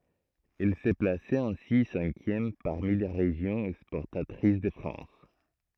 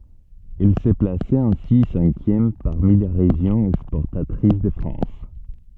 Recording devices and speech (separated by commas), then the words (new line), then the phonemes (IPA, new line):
throat microphone, soft in-ear microphone, read sentence
Elle se plaçait ainsi cinquième parmi les régions exportatrices de France.
ɛl sə plasɛt ɛ̃si sɛ̃kjɛm paʁmi le ʁeʒjɔ̃z ɛkspɔʁtatʁis də fʁɑ̃s